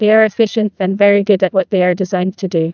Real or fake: fake